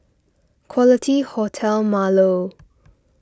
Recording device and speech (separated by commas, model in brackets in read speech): standing microphone (AKG C214), read sentence